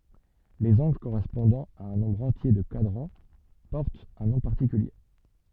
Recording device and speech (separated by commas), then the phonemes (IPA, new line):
soft in-ear microphone, read sentence
lez ɑ̃ɡl koʁɛspɔ̃dɑ̃ a œ̃ nɔ̃bʁ ɑ̃tje də kwadʁɑ̃ pɔʁtt œ̃ nɔ̃ paʁtikylje